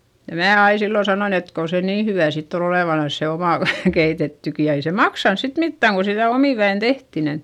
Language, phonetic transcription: Finnish, ja mää ai sillo sanoin ‿et kon̬ se nii hyvä̀ sitt ‿on ‿olèvanans se omà v- , keitettyki - ja ei se maksans sit mittä̀ŋ ko sitä̀ omìväin tehti nin .
- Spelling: ja minä aina silloin sanoin että kun se niin hyvää sitten on olevanansa se oma - keitettykin ja ei se maksanut sitten mitään kun sitä omin väin tehtiin niin

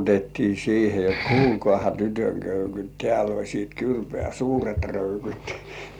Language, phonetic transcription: Finnish, 'koputettii "siihe jot » "kuulkŏàha 'tytöŋ 'köykyt "tĕäl ‿oisiit "kyrpĕä̀ "suuret 'röykyt « .
- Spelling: koputettiin siihen jotta kuulkaahan tytön köykyt täällä olisi kyrpää suuret röykyt

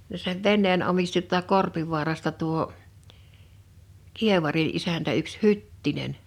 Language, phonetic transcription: Finnish, ja sev "venneen 'omisti t(uolt)a "Korpivu̬arasta tuo , 'kievari '’isäntä yks "Hyttinen .
- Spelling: ja sen veneen omisti tuolta Korpivaarasta tuo kievarin isäntä yksi Hyttinen

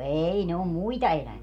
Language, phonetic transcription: Finnish, 'eei ne om "muita elävie .
- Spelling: ei ne on muita eläviä

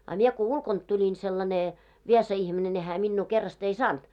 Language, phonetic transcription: Finnish, a mie ko 'ulkont tuĺin sellane , 'viesa 'ihmine ne hää minnuu 'kerrast ‿ei "saant .
- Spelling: a minä kun ulkoa tulin sellainen viesa ihminen ne hän minua kerrasta ei saanut

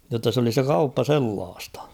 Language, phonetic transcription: Finnish, jotta s ‿oli 'se "kauppa "sellaastᴀ .
- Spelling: jotta se oli se kauppa sellaista

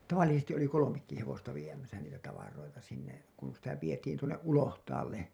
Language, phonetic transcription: Finnish, ta -vallisestiˀ ˀoli 'kolomekki hevosta viemäsä niitä tavaroita sinne§'§ , kun sitä vietiin tuonneˀ ˀulohtaalle .
- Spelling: - tavallisesti oli kolmekin hevosta viemässä niitä tavaroita sinne kun sitä vietiin tuonne ulohtaalle

